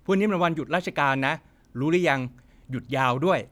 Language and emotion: Thai, neutral